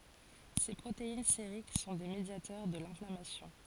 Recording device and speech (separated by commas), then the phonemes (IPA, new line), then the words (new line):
forehead accelerometer, read sentence
se pʁotein seʁik sɔ̃ de medjatœʁ də lɛ̃flamasjɔ̃
Ces protéines sériques sont des médiateurs de l'inflammation.